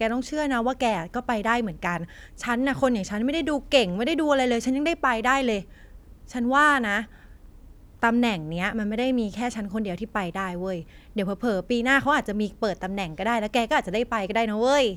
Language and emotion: Thai, happy